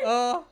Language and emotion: Thai, happy